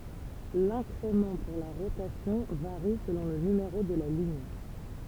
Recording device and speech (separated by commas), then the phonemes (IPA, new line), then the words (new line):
temple vibration pickup, read sentence
lɛ̃kʁemɑ̃ puʁ la ʁotasjɔ̃ vaʁi səlɔ̃ lə nymeʁo də la liɲ
L'incrément pour la rotation varie selon le numéro de la ligne.